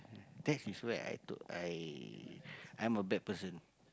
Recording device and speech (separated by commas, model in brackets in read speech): close-talking microphone, conversation in the same room